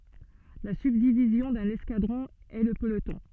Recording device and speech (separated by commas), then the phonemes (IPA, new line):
soft in-ear microphone, read sentence
la sybdivizjɔ̃ dœ̃n ɛskadʁɔ̃ ɛ lə pəlotɔ̃